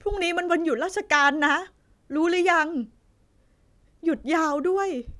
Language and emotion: Thai, sad